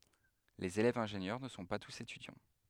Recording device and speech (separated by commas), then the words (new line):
headset microphone, read sentence
Les élèves-ingénieurs ne sont pas tous étudiants.